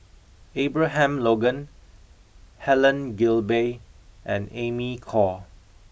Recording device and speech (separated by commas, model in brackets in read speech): boundary microphone (BM630), read sentence